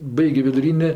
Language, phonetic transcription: Lithuanian, ˈbaigio viduˈrynė

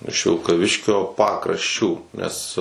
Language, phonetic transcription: Lithuanian, iš vilkaˈviškio ˈpakrašˌčių nes

